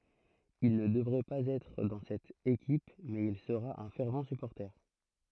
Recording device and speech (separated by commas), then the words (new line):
throat microphone, read sentence
Il ne devrait pas être dans cette équipe mais il sera un fervent supporter.